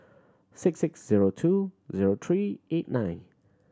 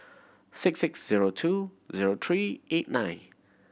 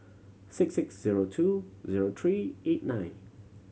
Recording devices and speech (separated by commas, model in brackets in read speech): standing microphone (AKG C214), boundary microphone (BM630), mobile phone (Samsung C7100), read sentence